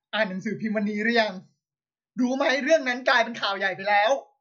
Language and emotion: Thai, angry